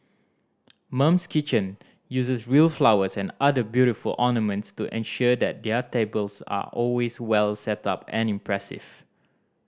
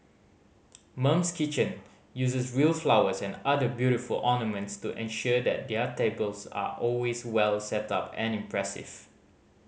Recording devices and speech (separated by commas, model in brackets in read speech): standing microphone (AKG C214), mobile phone (Samsung C5010), read sentence